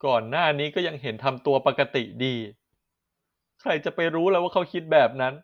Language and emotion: Thai, sad